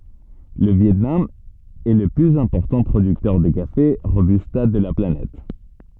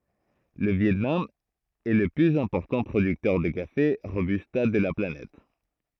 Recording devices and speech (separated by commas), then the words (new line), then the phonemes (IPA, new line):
soft in-ear microphone, throat microphone, read sentence
Le Viêt Nam est le plus important producteur de café Robusta de la planète.
lə vjɛtnam ɛ lə plyz ɛ̃pɔʁtɑ̃ pʁodyktœʁ də kafe ʁobysta də la planɛt